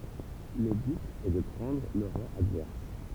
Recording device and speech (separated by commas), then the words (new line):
temple vibration pickup, read sentence
Le but est de prendre le roi adverse.